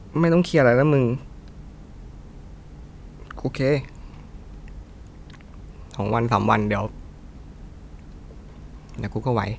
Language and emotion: Thai, frustrated